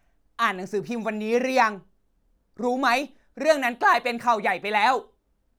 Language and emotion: Thai, angry